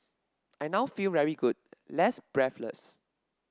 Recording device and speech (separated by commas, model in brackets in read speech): standing microphone (AKG C214), read sentence